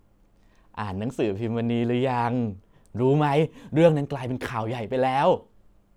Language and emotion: Thai, happy